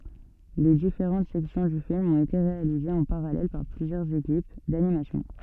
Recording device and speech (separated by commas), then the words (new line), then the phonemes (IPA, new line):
soft in-ear microphone, read sentence
Les différentes sections du film ont été réalisées en parallèle par plusieurs équipes d'animation.
le difeʁɑ̃t sɛksjɔ̃ dy film ɔ̃t ete ʁealizez ɑ̃ paʁalɛl paʁ plyzjœʁz ekip danimasjɔ̃